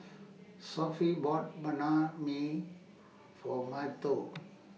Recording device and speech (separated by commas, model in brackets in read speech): mobile phone (iPhone 6), read sentence